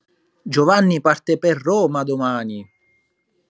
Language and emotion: Italian, surprised